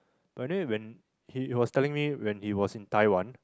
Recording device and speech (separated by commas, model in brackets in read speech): close-talking microphone, conversation in the same room